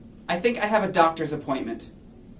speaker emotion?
neutral